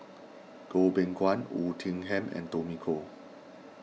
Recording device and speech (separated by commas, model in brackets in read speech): mobile phone (iPhone 6), read sentence